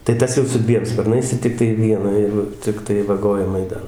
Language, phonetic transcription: Lithuanian, tai ˈtas jau su ˈdviem sparˈnais i ˈtiktai ˈvieną ˈjeigu ˈciktai vaˈgojimai ˈdar

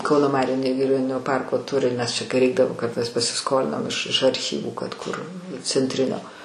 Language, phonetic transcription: Lithuanian, ˈkauno ˈmarių negiˈrioninio ˈparko ˈturi nes čia kai ˈreikdavo kad mes pasiˈskolinam iš iš arˈchyvų kad kur centˈrinio

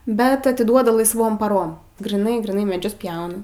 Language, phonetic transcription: Lithuanian, bet atiˈduoda laisˈvom paˈrom gryˈnai gryˈnai meˈdžius ˈpjauna

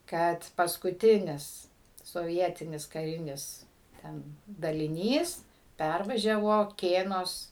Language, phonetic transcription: Lithuanian, ˈkad paskuˈtinis soˈvietinis kaˈrinis ˈten daliˈnys ˈpærvažiavo ˈkėnos

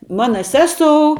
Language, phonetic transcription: Lithuanian, ˈmana ˈseˌsou

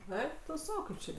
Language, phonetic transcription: Lithuanian, ˈeik tu ˈsau ˈkaip čia

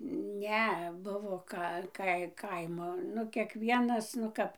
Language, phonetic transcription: Lithuanian, ˈne ˈbuvo ˈka ˈkai ˈkaimo ˈnu kiekˈvienas nu ˈkap

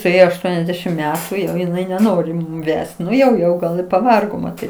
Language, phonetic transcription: Lithuanian, suˈėjo ašˈtuoniasˌdešim ˈmetu ˈjau iˈnai neˈnori ˈvest ˈnu jau jau ˈgal i paˈvargo maˈtyt

